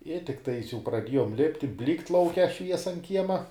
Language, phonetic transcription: Lithuanian, i tikˈtais jau praˈdiejom ˈlipti ˈblykt lauˈke ˈšviesa an ˈkiema

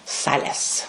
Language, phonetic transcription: Lithuanian, ˈsales

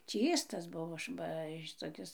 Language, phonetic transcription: Lithuanian, ˈčystas ˈbuvo ˈba šitoˈkis

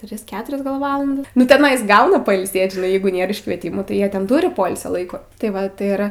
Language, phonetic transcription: Lithuanian, ˈtris ˈketurias gal ˈvalandas nu teˈnais ˈgauna pailˈsėt žiˈnai ˈjeigu ˈnėr iškvieˈtimų tai ˈjie ten ˈturi ˈpoilsio ˈlaiko tai ˈva tai ˈir

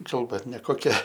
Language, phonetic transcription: Lithuanian, ˈkalba nekoˈkia

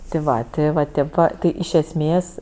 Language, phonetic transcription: Lithuanian, ti ˈva ti va ˈtėp va ˈti iš esˈmės

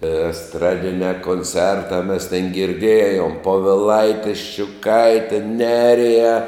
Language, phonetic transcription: Lithuanian, esˈtradiniā konˈcertā mes tėn girˈdėjom poviˈlaiti ščiuˈkaite ˈneriją

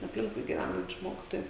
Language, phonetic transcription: Lithuanian, apˈlinkui giˈvænančiu ˈmokitoju

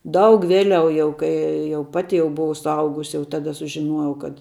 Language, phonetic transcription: Lithuanian, ˈdaug ˈvėˌliau jau ˈkai jau ˈpati jau buˈvau suˈaugus jau ˈtada sužiˈnuojau kad

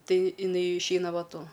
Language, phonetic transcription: Lithuanian, ˈtai iˈnai išˈeina ˈva ˈtu

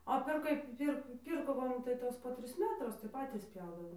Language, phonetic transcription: Lithuanian, o per ˈkaip ˈpir ˈpyrko ˈva nu tai ˈva ˈtos po ˈtris ˈmetrus tai ˈpatys ˈpjaudavom

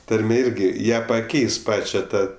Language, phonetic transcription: Lithuanian, ˈtarmė ˈirgi ˈją paˈkeis ˈpačia ˈtą

